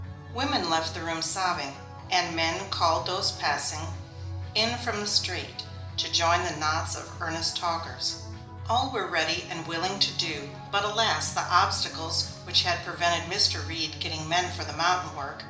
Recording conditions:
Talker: one person; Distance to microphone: 2.0 m; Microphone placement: close; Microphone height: 99 cm; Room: medium-sized (5.7 m by 4.0 m); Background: music

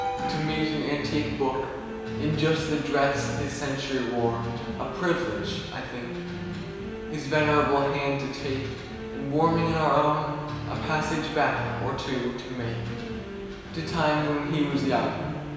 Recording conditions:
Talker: one person; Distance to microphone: 1.7 m; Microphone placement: close; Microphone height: 1.0 m; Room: very reverberant, large; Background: music

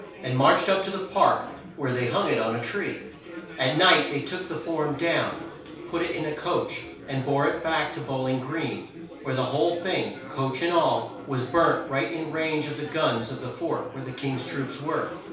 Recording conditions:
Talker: one person; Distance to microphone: 3.0 m; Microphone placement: far; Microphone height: 1.8 m; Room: small (3.7 m by 2.7 m); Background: babble

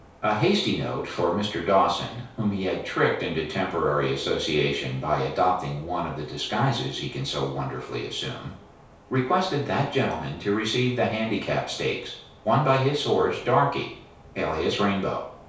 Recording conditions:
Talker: one person; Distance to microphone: 3.0 m; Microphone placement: far; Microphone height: 1.8 m; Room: small (3.7 m by 2.7 m); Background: none

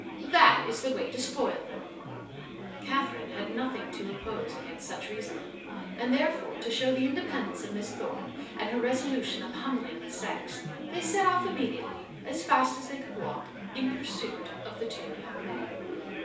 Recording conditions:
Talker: one person; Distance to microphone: 3.0 m; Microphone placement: far; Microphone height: 1.8 m; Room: small (3.7 m by 2.7 m); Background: babble

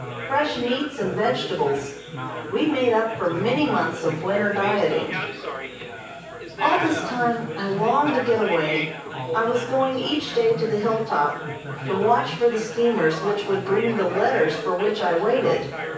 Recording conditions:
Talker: one person; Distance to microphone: 9.8 m; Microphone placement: far; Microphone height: 1.8 m; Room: large; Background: babble

